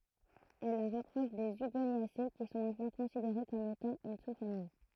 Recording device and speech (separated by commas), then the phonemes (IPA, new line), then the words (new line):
throat microphone, read sentence
ɛl la ʁapʁɔʃ de yɡonjase ki sɔ̃ mɛ̃tnɑ̃ kɔ̃sideʁe kɔm etɑ̃ yn susfamij
Elle la rapproche des Hugoniacées qui sont maintenant considérées comme étant une sous-famille.